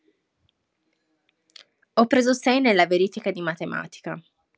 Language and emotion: Italian, neutral